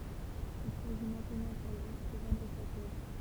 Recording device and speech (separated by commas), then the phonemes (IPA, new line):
temple vibration pickup, read sentence
il saʒi mɛ̃tnɑ̃ puʁ lyi də vɑ̃dʁ sa tuʁ